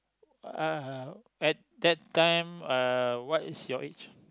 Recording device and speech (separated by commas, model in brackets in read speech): close-talking microphone, conversation in the same room